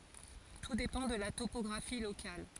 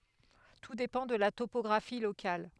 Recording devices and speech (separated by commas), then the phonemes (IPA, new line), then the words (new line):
forehead accelerometer, headset microphone, read sentence
tu depɑ̃ də la topɔɡʁafi lokal
Tout dépend de la topographie locale.